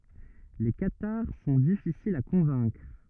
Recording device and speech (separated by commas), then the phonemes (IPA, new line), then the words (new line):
rigid in-ear microphone, read sentence
le kataʁ sɔ̃ difisilz a kɔ̃vɛ̃kʁ
Les cathares sont difficiles à convaincre.